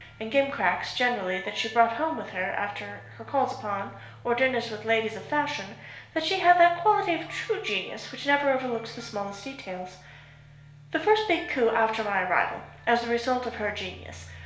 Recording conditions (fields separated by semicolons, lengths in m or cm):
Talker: one person; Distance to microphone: 1.0 m; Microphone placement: close; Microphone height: 1.1 m; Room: small (3.7 m by 2.7 m); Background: music